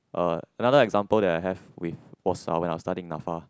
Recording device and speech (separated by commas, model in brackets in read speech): close-talking microphone, conversation in the same room